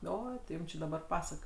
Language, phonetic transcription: Lithuanian, ˈoi ti ˈjūm či daˈbar ˈpasak

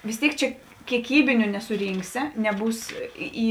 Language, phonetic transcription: Lithuanian, vis ˈtėik ˈčia kieˈkybiniu nesuˈrynksi neˈbūs ˈį

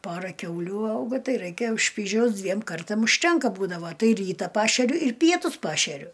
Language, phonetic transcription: Lithuanian, ˈpora ˈkiaulių ˈaugo ˈtai raiˈkė ˈšpyžiaus ˈdviem ˈkartam užˈtenka ˈbūdavo ˈtai ˈryta ˈpašeriu ir ˈpietus ˈpašeriu

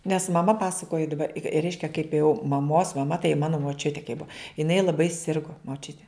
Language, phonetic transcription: Lithuanian, nes maˈma ˈpasakoji daˈba i i ˈreiškia kaip jau maˈmos maˈma tai ˈmano moˈčiutė kai ˈbua jiˈnai laˈbai ˈsirgo moˈčiutė

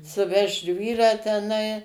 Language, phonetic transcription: Lithuanian, suˈvežt ˈžvyrą teˈnai

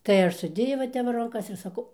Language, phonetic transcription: Lithuanian, tai ˈaš suˈdėjau va ˈtep va ranˈkas ir saˈkau

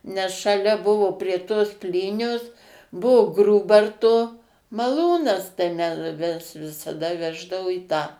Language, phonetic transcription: Lithuanian, nes šaˈlia ˈbuvo prie tos ˈplynios ˈbuvo ˈgrūbarto maˈlūnas tai ˈme mes visaˈda ˈveždavu į tą

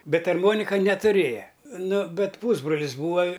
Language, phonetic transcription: Lithuanian, ˈbet arˈmonika netuˈrėja ˈnu ˈbet ˈpūsbrolis ˈbūva

